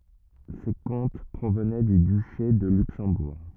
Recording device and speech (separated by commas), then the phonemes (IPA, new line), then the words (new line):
rigid in-ear microphone, read sentence
se kɔ̃t pʁovnɛ dy dyʃe də lyksɑ̃buʁ
Ces comtes provenaient du duché de Luxembourg.